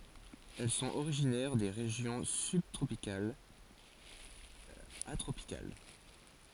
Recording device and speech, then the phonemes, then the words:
forehead accelerometer, read sentence
ɛl sɔ̃t oʁiʒinɛʁ de ʁeʒjɔ̃ sybtʁopikalz a tʁopikal
Elles sont originaires des régions sub-tropicales à tropicales.

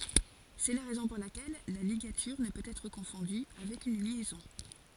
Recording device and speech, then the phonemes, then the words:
forehead accelerometer, read sentence
sɛ la ʁɛzɔ̃ puʁ lakɛl la liɡatyʁ nə pøt ɛtʁ kɔ̃fɔ̃dy avɛk yn ljɛzɔ̃
C'est la raison pour laquelle la ligature ne peut être confondue avec une liaison.

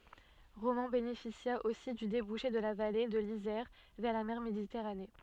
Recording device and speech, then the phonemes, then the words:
soft in-ear microphone, read sentence
ʁomɑ̃ benefisja osi dy debuʃe də la vale də lizɛʁ vɛʁ la mɛʁ meditɛʁane
Romans bénéficia aussi du débouché de la vallée de l'Isère vers la mer Méditerranée.

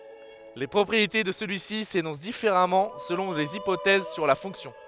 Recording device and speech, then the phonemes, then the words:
headset microphone, read sentence
le pʁɔpʁiete də səlyi si senɔ̃s difeʁamɑ̃ səlɔ̃ lez ipotɛz syʁ la fɔ̃ksjɔ̃
Les propriétés de celui-ci s'énoncent différemment selon les hypothèses sur la fonction.

